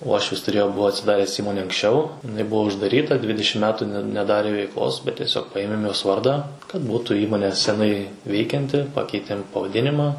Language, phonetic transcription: Lithuanian, ˈuošvis tuˈrėjo ˈbuvo atsiˈdares ˈįmone anksˈčiau iˈnaiˈbuvo uždaˈryta ˈdvidišim ˈmetu ne neˈdarė veikˈlos bet tieˈsiog ˈpaėmėm jos ˈvardą kad ˈbūtu ˈįmonė seˈnai ˈveikianti ˈpakeitėm pavaˈdinima

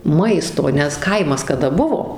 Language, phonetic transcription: Lithuanian, ˈmaisto nes ˈkaimas kaˈda ˈbuvo

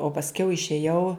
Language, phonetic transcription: Lithuanian, o pasˈkiau išėˈjau

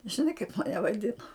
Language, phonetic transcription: Lithuanian, žiˈnai kaip maˈne vaˈdino

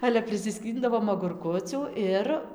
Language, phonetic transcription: Lithuanian, ˈale prisiˈskyndavom agurˈkucių ˈir

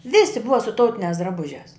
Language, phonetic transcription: Lithuanian, ˈvisi ˈbuva su ˈtautiniās draˈbužiās

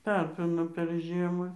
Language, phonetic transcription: Lithuanian, ˈtapino per ˈžiema

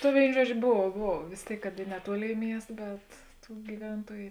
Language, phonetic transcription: Lithuanian, ta ˈvėino ˈžuodžio ˈbov ˈbov vės ˈtėik kad i neˈtuoˌlėi ˈmiest bet ˈtų gyˈventuoju

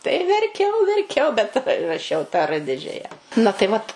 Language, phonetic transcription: Lithuanian, tai ir verˈkiau verˈkiau bet ra raˈšiau tą ˈrɘ ˈdidžiaja na tai ˈvat

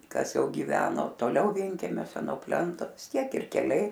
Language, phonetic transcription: Lithuanian, ˈkas ˈjau giˈveno toˈliau ˈvienkemiose nuo ˈplento vis ˈtiek ir keˈliai

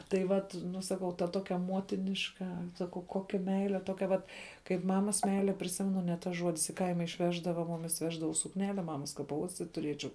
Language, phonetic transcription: Lithuanian, tai ˈvat ˈnu saˈkau ta ˈtokia ˈmuotiniška saˈkau ˈkokia ˈmeile ˈtokia vat kaip ˈmamas ˈmeile priˈsimenu ne ˈtas ˈžuodis i ˈkaima išˈveždava ˈmumis ˈveždavaus sukˈnele ˈmamas ka paˈuostit tuˈriečiau

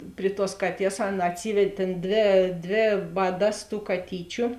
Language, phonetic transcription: Lithuanian, ˈpri ˌtuos ˈkaˌties ˈaˌna atˈsyved' ˈtėn ˈdvė ˈdvė ˈvaˌdas tų kaˈtyčiu

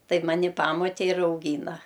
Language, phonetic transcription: Lithuanian, ˈtaip maˈni ˈpamotė ir auˈgyna

